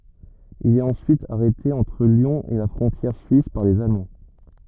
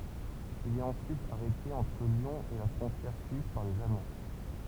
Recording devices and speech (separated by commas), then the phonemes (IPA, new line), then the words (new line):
rigid in-ear microphone, temple vibration pickup, read sentence
il ɛt ɑ̃syit aʁɛte ɑ̃tʁ ljɔ̃ e la fʁɔ̃tjɛʁ syis paʁ lez almɑ̃
Il est ensuite arrêté entre Lyon et la frontière suisse par les Allemands.